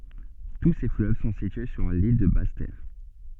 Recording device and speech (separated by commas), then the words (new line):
soft in-ear microphone, read sentence
Tous ces fleuves sont situés sur l'île de Basse-Terre.